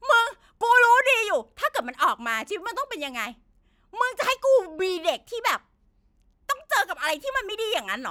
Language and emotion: Thai, angry